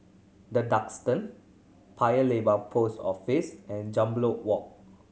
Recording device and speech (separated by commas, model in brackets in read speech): mobile phone (Samsung C7100), read sentence